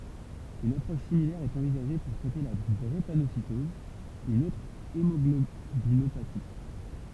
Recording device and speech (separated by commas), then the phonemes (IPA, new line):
temple vibration pickup, read sentence
yn apʁɔʃ similɛʁ ɛt ɑ̃vizaʒe puʁ tʁɛte la dʁepanositɔz yn otʁ emɔɡlobinopati